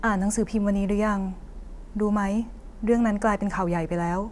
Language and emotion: Thai, neutral